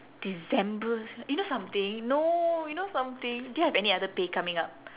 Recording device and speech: telephone, conversation in separate rooms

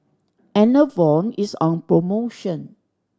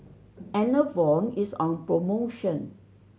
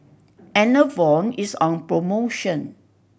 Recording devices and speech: standing microphone (AKG C214), mobile phone (Samsung C7100), boundary microphone (BM630), read sentence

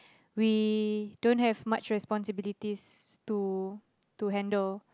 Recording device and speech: close-talking microphone, conversation in the same room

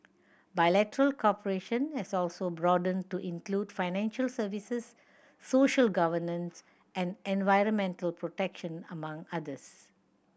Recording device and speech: boundary microphone (BM630), read sentence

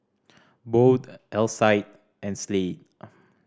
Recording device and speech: standing microphone (AKG C214), read sentence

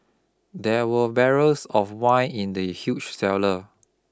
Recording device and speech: close-talking microphone (WH20), read sentence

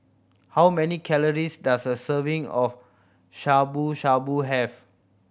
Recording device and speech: boundary microphone (BM630), read sentence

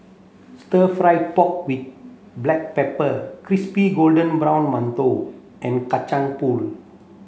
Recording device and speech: mobile phone (Samsung C7), read sentence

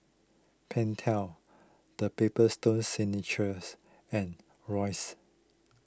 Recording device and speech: close-talking microphone (WH20), read sentence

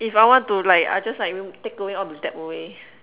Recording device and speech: telephone, conversation in separate rooms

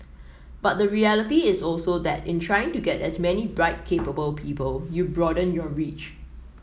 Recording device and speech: mobile phone (iPhone 7), read sentence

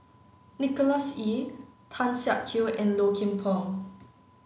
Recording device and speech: mobile phone (Samsung C9), read sentence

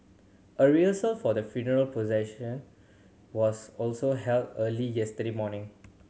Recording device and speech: mobile phone (Samsung C7100), read sentence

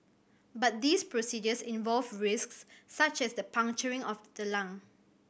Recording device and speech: boundary microphone (BM630), read sentence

